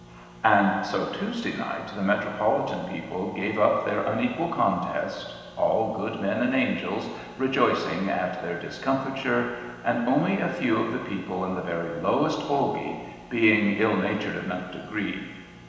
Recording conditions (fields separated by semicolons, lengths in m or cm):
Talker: one person; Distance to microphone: 1.7 m; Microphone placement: close; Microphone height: 1.0 m; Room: very reverberant, large; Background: none